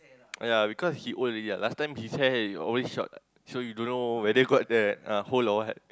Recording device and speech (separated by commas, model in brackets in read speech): close-talking microphone, conversation in the same room